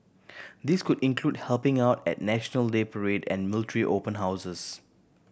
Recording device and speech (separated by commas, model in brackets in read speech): boundary microphone (BM630), read sentence